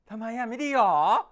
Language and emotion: Thai, happy